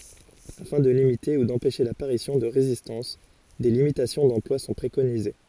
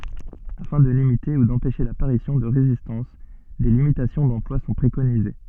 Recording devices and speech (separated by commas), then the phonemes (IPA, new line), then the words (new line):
forehead accelerometer, soft in-ear microphone, read sentence
afɛ̃ də limite u dɑ̃pɛʃe lapaʁisjɔ̃ də ʁezistɑ̃s de limitasjɔ̃ dɑ̃plwa sɔ̃ pʁekonize
Afin de limiter ou d'empêcher l'apparition de résistance, des limitations d'emploi sont préconisées.